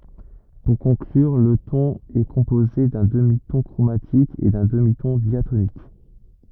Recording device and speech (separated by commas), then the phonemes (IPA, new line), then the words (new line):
rigid in-ear microphone, read sentence
puʁ kɔ̃klyʁ lə tɔ̃n ɛ kɔ̃poze dœ̃ dəmitɔ̃ kʁomatik e dœ̃ dəmitɔ̃ djatonik
Pour conclure, le ton est composé d'un demi-ton chromatique et d'un demi-ton diatonique.